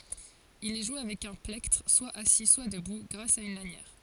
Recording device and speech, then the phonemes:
forehead accelerometer, read sentence
il ɛ ʒwe avɛk œ̃ plɛktʁ swa asi swa dəbu ɡʁas a yn lanjɛʁ

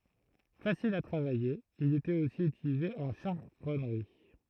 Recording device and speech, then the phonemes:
throat microphone, read sentence
fasil a tʁavaje il etɛt osi ytilize ɑ̃ ʃaʁɔnʁi

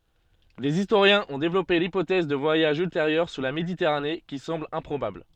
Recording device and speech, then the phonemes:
soft in-ear microphone, read sentence
dez istoʁjɛ̃z ɔ̃ devlɔpe lipotɛz də vwajaʒz ylteʁjœʁ syʁ la meditɛʁane ki sɑ̃bl ɛ̃pʁobabl

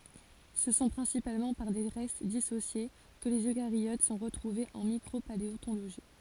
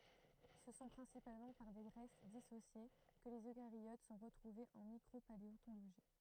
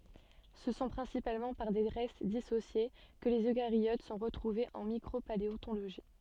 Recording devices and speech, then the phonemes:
forehead accelerometer, throat microphone, soft in-ear microphone, read sentence
sə sɔ̃ pʁɛ̃sipalmɑ̃ paʁ de ʁɛst disosje kə lez økaʁjot sɔ̃ ʁətʁuvez ɑ̃ mikʁopaleɔ̃toloʒi

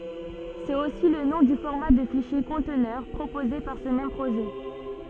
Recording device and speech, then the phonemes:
soft in-ear microphone, read sentence
sɛt osi lə nɔ̃ dy fɔʁma də fiʃje kɔ̃tnœʁ pʁopoze paʁ sə mɛm pʁoʒɛ

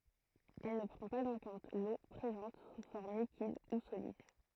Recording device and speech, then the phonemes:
throat microphone, read sentence
ɛl nə pʁɑ̃ paz ɑ̃ kɔ̃t lo pʁezɑ̃t su fɔʁm likid u solid

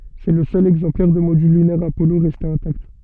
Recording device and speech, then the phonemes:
soft in-ear microphone, read sentence
sɛ lə sœl ɛɡzɑ̃plɛʁ də modyl lynɛʁ apɔlo ʁɛste ɛ̃takt

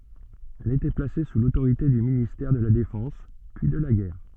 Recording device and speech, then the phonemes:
soft in-ear microphone, read sentence
ɛl etɛ plase su lotoʁite dy ministɛʁ də la defɑ̃s pyi də la ɡɛʁ

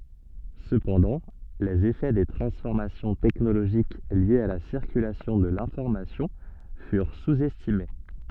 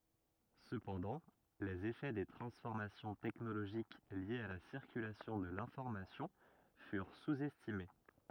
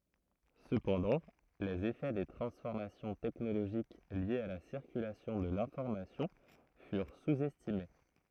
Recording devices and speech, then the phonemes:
soft in-ear microphone, rigid in-ear microphone, throat microphone, read sentence
səpɑ̃dɑ̃ lez efɛ de tʁɑ̃sfɔʁmasjɔ̃ tɛknoloʒik ljez a la siʁkylasjɔ̃ də lɛ̃fɔʁmasjɔ̃ fyʁ suz ɛstime

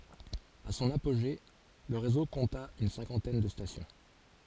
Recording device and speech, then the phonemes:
forehead accelerometer, read sentence
a sɔ̃n apoʒe lə ʁezo kɔ̃ta yn sɛ̃kɑ̃tɛn də stasjɔ̃

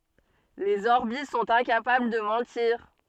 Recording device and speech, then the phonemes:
soft in-ear microphone, read sentence
lez ɔʁbi sɔ̃t ɛ̃kapabl də mɑ̃tiʁ

